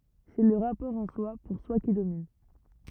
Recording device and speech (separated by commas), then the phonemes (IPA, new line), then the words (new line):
rigid in-ear microphone, read sentence
sɛ lə ʁapɔʁ ɑ̃swa puʁswa ki domin
C'est le rapport en-soi, pour-soi qui domine.